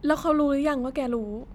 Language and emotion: Thai, neutral